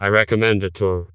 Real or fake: fake